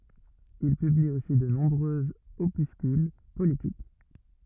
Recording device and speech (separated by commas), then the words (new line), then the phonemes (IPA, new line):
rigid in-ear microphone, read sentence
Il publie aussi de nombreux opuscules politiques.
il pybli osi də nɔ̃bʁøz opyskyl politik